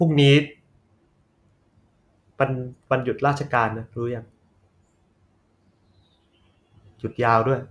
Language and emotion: Thai, frustrated